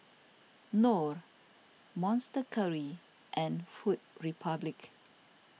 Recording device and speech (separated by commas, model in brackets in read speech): mobile phone (iPhone 6), read sentence